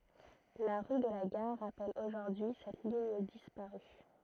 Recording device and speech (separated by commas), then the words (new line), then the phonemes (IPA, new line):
throat microphone, read sentence
La rue de la Gare rappelle aujourd'hui cette ligne disparue.
la ʁy də la ɡaʁ ʁapɛl oʒuʁdyi sɛt liɲ dispaʁy